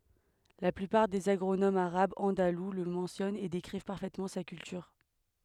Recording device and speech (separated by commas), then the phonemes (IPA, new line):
headset microphone, read sentence
la plypaʁ dez aɡʁonomz aʁabz ɑ̃dalu lə mɑ̃sjɔnt e dekʁiv paʁfɛtmɑ̃ sa kyltyʁ